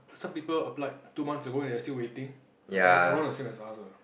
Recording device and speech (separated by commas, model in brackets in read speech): boundary microphone, conversation in the same room